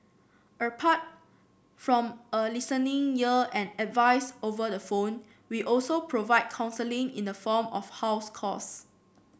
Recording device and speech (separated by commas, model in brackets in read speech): boundary microphone (BM630), read sentence